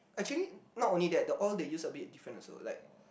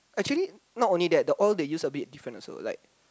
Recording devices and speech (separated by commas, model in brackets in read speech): boundary microphone, close-talking microphone, conversation in the same room